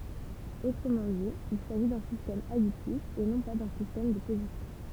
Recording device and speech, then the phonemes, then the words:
temple vibration pickup, read sentence
otʁəmɑ̃ di il saʒi dœ̃ sistɛm aditif e nɔ̃ pa dœ̃ sistɛm də pozisjɔ̃
Autrement dit, il s'agit d'un système additif et non pas d'un système de position.

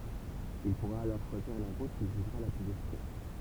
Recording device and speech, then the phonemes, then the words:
temple vibration pickup, read sentence
il puʁa alɔʁ ʃwaziʁ la ʁut kil ʒyʒʁa la plyz efikas
Il pourra alors choisir la route qu'il jugera la plus efficace.

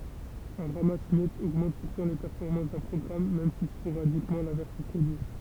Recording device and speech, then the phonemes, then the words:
temple vibration pickup, read sentence
œ̃ ʁamas mjɛtz oɡmɑ̃t puʁtɑ̃ le pɛʁfɔʁmɑ̃s dœ̃ pʁɔɡʁam mɛm si spoʁadikmɑ̃ lɛ̃vɛʁs sə pʁodyi
Un ramasse-miettes augmente pourtant les performances d'un programme, même si sporadiquement l'inverse se produit.

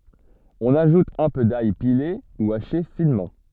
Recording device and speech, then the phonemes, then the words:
soft in-ear microphone, read sentence
ɔ̃n aʒut œ̃ pø daj pile u aʃe finmɑ̃
On ajoute un peu d'ail pilé ou haché finement.

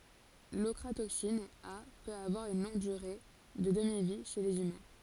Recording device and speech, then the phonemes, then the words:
forehead accelerometer, read sentence
lɔkʁatoksin a pøt avwaʁ yn lɔ̃ɡ dyʁe də dəmivi ʃe lez ymɛ̃
L'ochratoxine A peut avoir une longue durée de demi-vie chez les humains.

